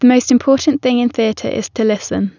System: none